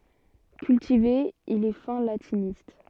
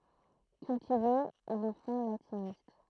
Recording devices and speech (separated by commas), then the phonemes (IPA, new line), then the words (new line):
soft in-ear microphone, throat microphone, read sentence
kyltive il ɛ fɛ̃ latinist
Cultivé, il est fin latiniste.